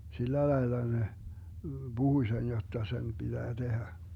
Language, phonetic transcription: Finnish, 'sillälaila ne , "Buhuⁱ 'sen 'jotta 'sen 'piDää 'Dehä .
- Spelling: sillä lailla ne puhui sen jotta sen pitää tehdä

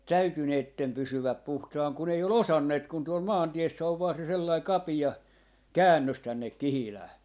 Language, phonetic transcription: Finnish, "täyty 'neittem 'pysywäp 'puhtaaŋ kun ‿ei o"l ‿osanneet kun tuol "maanti₍essä ov vaa se 'sellai "kapi₍a , "käännös 'tännek "Kihilää .
- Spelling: täytyi näiden pysyä puhtaana kun ei ole osanneet kun tuolla maantiessä on vain se sellainen kapea käännös tänne Kihilään

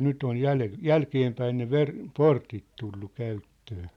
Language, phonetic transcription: Finnish, 'nytt ‿oj 'jäle- , "jälkeempäin ne "ver- , "portit tullu 'käyttöö .
- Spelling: nyt on - jälkeenpäin ne - portit tullut käyttöön

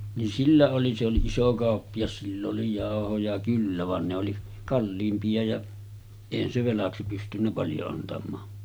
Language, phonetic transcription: Finnish, nin "sillä oli se oli "iso 'kàoppijas sill ‿oli 'jàohoja kyllä van ne oli , 'kalliimpi₍a ja , 'èihän se 'velaksi pystynnä paljo antam̀aa .
- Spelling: niin sillä oli se oli iso kauppias sillä oli jauhoja kyllä vaan ne oli kalliimpia ja eihän se velaksi pystynyt paljon antamaan

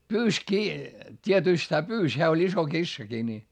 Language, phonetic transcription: Finnish, pyys kii , t́ietỳst hää pyys - heä oĺ iso kissaki ni .
- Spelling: pyysi kiinni tietysti hän pyysi hän oli iso kissakin niin

